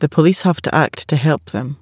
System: none